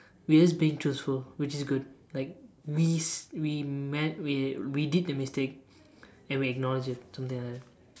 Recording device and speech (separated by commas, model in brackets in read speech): standing microphone, conversation in separate rooms